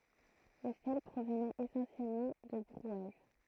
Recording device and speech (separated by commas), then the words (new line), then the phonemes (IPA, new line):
throat microphone, read sentence
Le sel provenait essentiellement de Brouage.
lə sɛl pʁovnɛt esɑ̃sjɛlmɑ̃ də bʁwaʒ